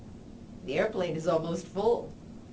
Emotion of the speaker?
neutral